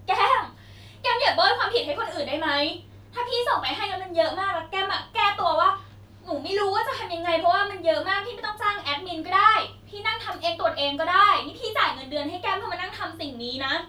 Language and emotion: Thai, angry